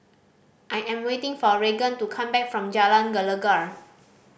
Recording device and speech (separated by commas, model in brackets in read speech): boundary microphone (BM630), read sentence